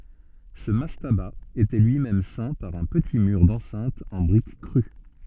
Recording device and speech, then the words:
soft in-ear microphone, read sentence
Ce mastaba était lui-même ceint par un petit mur d'enceinte en briques crues.

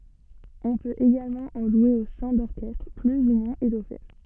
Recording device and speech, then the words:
soft in-ear microphone, read sentence
On peut également en jouer au sein d'orchestres plus ou moins étoffés.

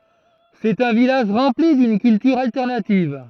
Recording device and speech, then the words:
throat microphone, read sentence
C'est un village rempli d'une culture alternative.

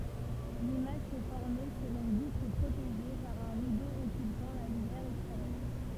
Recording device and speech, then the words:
temple vibration pickup, read sentence
L’image se formait sur une vitre protégée par un rideau occultant la lumière extérieure.

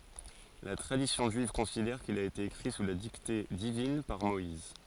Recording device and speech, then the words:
forehead accelerometer, read sentence
La tradition juive considère qu'il a été écrit sous la dictée divine par Moïse.

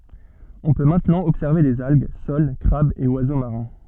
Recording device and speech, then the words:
soft in-ear microphone, read sentence
On peut maintenant observer des algues, soles, crabes et oiseaux marins.

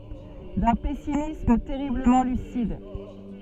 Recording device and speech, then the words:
soft in-ear microphone, read sentence
D’un pessimisme terriblement lucide.

